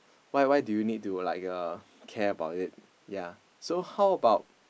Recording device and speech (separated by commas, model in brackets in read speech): boundary microphone, conversation in the same room